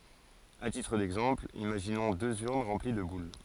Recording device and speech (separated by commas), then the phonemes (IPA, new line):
forehead accelerometer, read sentence
a titʁ dɛɡzɑ̃pl imaʒinɔ̃ døz yʁn ʁɑ̃pli də bul